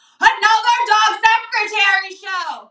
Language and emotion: English, neutral